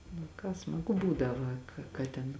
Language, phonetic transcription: Lithuanian, nu ˈką smaˈgu ˈbūdava ka ka ˈten

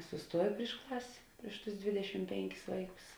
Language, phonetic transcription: Lithuanian, suˈstuoji priš ˈklas' ˈpriš ˌtus ˈdvidešim ˈpenˌkis ˈvaiˌkus

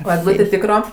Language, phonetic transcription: Lithuanian, o egˈlūtė ˈtykro

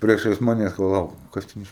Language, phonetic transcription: Lithuanian, ˈpriešais ˈmanes paˈlauk ˈkas ten ˈiš

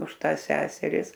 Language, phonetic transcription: Lithuanian, už ˈtąs ˈseseris

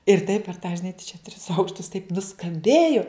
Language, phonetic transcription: Lithuanian, ir taip per tą žiˈnai tai čia tris ˈaukštus taip nuskamˈbėju

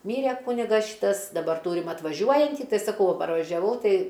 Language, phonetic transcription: Lithuanian, ˈmyre ˈkūnigas ˈšytas daˈbar ˈtūrim atvaˈžiuojantį ˈtai saˈkau va parvažiaˈvau ˈtai

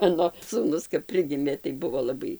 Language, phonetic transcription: Lithuanian, ˈmano sūˈnus kap ˈprigimė tai ˈbuvo laˈbai

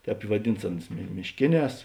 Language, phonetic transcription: Lithuanian, ˈtēp i vaˈdins ˈanus mišˈkėˌnēs

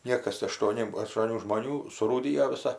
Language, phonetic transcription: Lithuanian, ˈniekas aštuoˈni aštuoˈnių žmoˈnių surūˈdijo viˈsa

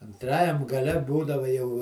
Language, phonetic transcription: Lithuanian, anˈtrajam gaˈle ˈbūdava jau

